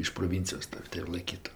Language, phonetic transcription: Lithuanian, iš proˈvincijos ˈtav' tai ir laiˈkytu

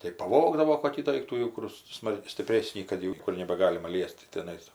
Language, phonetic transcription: Lithuanian, tai paˈvogdavo koˈkį ˈdoiktų ˈjau kur ˈsmal stipˈrėsnį kad jau ˈniekur nebagalima ˈliesti tiˈnais

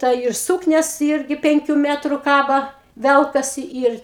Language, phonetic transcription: Lithuanian, ˈta ir ˈsūknias ˈirgi ˈpenkiu ˈmetru ˈkaba ˈvelkasi ˈir

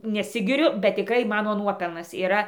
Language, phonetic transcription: Lithuanian, neˈsigiriu bet tiˈkrai ˈmano ˈnuopelnas yˈra

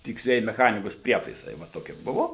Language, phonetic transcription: Lithuanian, tiksˈlieji meˈchanikos ˈprietaisai va ˈtokie ˈbuvo

